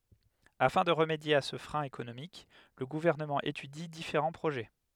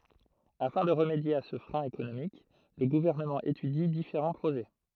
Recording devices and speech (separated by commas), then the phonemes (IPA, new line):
headset microphone, throat microphone, read sentence
afɛ̃ də ʁəmedje a sə fʁɛ̃ ekonomik lə ɡuvɛʁnəmɑ̃ etydi difeʁɑ̃ pʁoʒɛ